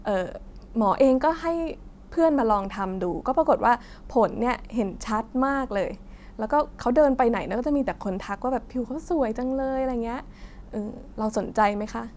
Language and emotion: Thai, neutral